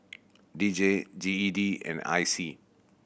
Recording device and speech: boundary microphone (BM630), read sentence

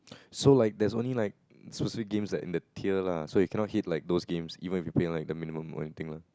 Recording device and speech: close-talking microphone, conversation in the same room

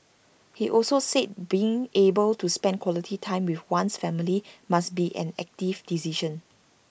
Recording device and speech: boundary microphone (BM630), read sentence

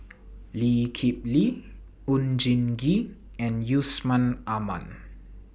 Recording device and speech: boundary microphone (BM630), read sentence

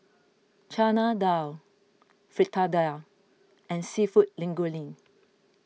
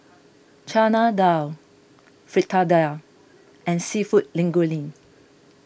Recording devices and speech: mobile phone (iPhone 6), boundary microphone (BM630), read sentence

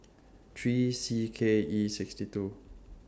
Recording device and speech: standing microphone (AKG C214), read sentence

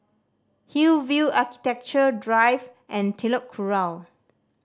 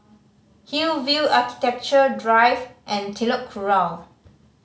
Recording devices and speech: standing microphone (AKG C214), mobile phone (Samsung C5010), read sentence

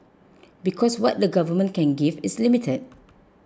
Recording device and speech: close-talking microphone (WH20), read sentence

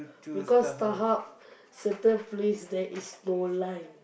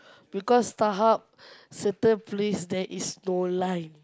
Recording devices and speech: boundary microphone, close-talking microphone, conversation in the same room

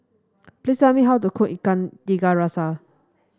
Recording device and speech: standing microphone (AKG C214), read sentence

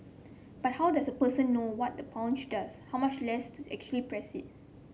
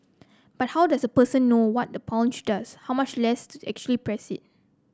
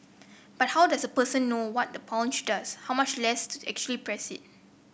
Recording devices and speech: mobile phone (Samsung C7), close-talking microphone (WH30), boundary microphone (BM630), read sentence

